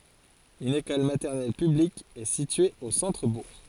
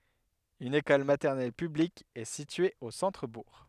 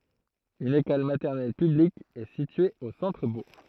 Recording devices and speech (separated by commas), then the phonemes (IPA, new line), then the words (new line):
forehead accelerometer, headset microphone, throat microphone, read sentence
yn ekɔl matɛʁnɛl pyblik ɛ sitye o sɑ̃tʁəbuʁ
Une école maternelle publique est située au centre-bourg.